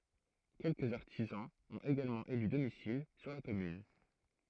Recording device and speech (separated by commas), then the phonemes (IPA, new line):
throat microphone, read sentence
kɛlkəz aʁtizɑ̃z ɔ̃t eɡalmɑ̃ ely domisil syʁ la kɔmyn